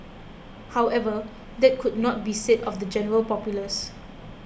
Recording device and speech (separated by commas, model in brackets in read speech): boundary microphone (BM630), read sentence